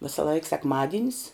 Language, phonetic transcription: Lithuanian, visaˈlaik sekˈmadinis

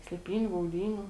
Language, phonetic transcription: Lithuanian, slėˈpyniu gauˈdynių

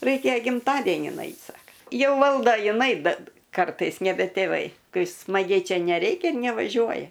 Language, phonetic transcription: Lithuanian, ˈraikia gimˈtadenin ˈait' ˈsaka ˈjau ˈvaldo jiˈnai ˈbet ˈkartais neˈbe tėˈvai ˈkai smaˈgiai ˈčia neˈreikia ir nevaˈžiuoja

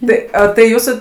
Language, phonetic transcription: Lithuanian, ˈtai o tai ˈjūsu

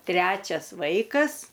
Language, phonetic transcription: Lithuanian, ˈtrečias ˈvaikas

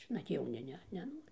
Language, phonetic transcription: Lithuanian, nat jauˈni ˈne neˈnori

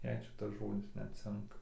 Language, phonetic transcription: Lithuanian, jei ˈšitasˈ žodis ˈnet ˈcinka

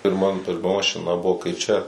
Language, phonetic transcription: Lithuanian, pirˈman pirˈma mašiˈna ˈbuvo kai ˈčia

